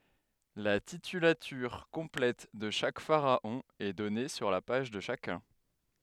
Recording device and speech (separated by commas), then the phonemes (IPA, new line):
headset microphone, read sentence
la titylatyʁ kɔ̃plɛt də ʃak faʁaɔ̃ ɛ dɔne syʁ la paʒ də ʃakœ̃